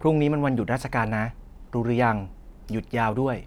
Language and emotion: Thai, neutral